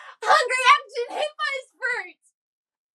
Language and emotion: English, happy